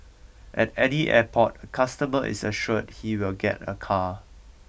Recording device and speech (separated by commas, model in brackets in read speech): boundary microphone (BM630), read sentence